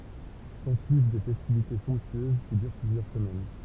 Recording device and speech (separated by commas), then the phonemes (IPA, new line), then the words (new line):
temple vibration pickup, read sentence
sɑ̃syiv de fɛstivite sɔ̃ptyøz ki dyʁ plyzjœʁ səmɛn
S'ensuivent des festivités somptueuses, qui durent plusieurs semaines.